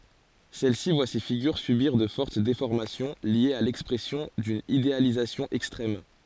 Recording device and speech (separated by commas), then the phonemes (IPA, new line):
forehead accelerometer, read sentence
sɛl si vwa se fiɡyʁ sybiʁ də fɔʁt defɔʁmasjɔ̃ ljez a lɛkspʁɛsjɔ̃ dyn idealizasjɔ̃ ɛkstʁɛm